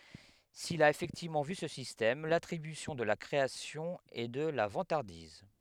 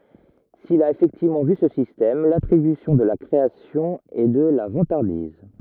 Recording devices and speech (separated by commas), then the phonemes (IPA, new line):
headset microphone, rigid in-ear microphone, read sentence
sil a efɛktivmɑ̃ vy sə sistɛm latʁibysjɔ̃ də la kʁeasjɔ̃ ɛ də la vɑ̃taʁdiz